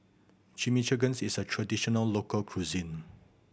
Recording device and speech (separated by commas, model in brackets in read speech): boundary microphone (BM630), read sentence